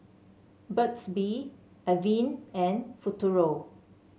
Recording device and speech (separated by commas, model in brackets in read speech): mobile phone (Samsung C7), read sentence